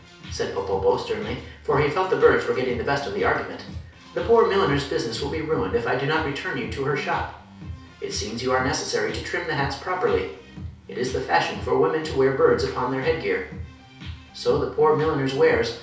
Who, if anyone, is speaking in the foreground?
One person.